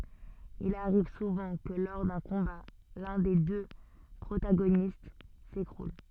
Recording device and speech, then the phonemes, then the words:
soft in-ear microphone, read sentence
il aʁiv suvɑ̃ kə lɔʁ dœ̃ kɔ̃ba lœ̃ de dø pʁotaɡonist sekʁul
Il arrive souvent que lors d'un combat, l'un des deux protagonistes s'écroule.

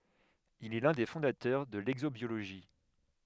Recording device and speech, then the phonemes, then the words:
headset microphone, read sentence
il ɛ lœ̃ de fɔ̃datœʁ də lɛɡzobjoloʒi
Il est l'un des fondateurs de l'exobiologie.

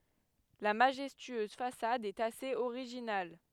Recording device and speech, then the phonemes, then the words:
headset microphone, read sentence
la maʒɛstyøz fasad ɛt asez oʁiʒinal
La majestueuse façade est assez originale.

